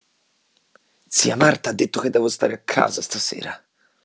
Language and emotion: Italian, angry